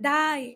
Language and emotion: Thai, neutral